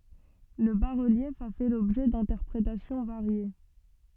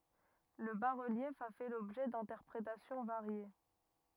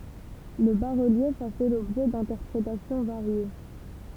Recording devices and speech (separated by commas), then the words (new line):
soft in-ear microphone, rigid in-ear microphone, temple vibration pickup, read sentence
Le bas-relief a fait l'objet d'interprétations variées.